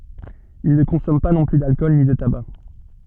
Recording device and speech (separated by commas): soft in-ear microphone, read sentence